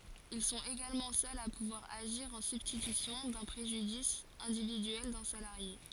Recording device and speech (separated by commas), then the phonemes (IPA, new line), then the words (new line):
forehead accelerometer, read sentence
il sɔ̃t eɡalmɑ̃ sœlz a puvwaʁ aʒiʁ ɑ̃ sybstitysjɔ̃ dœ̃ pʁeʒydis ɛ̃dividyɛl dœ̃ salaʁje
Ils sont également seuls à pouvoir agir en substitution d'un préjudice individuel d'un salarié.